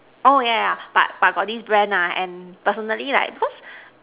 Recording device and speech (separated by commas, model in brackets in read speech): telephone, conversation in separate rooms